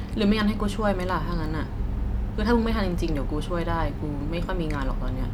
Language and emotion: Thai, frustrated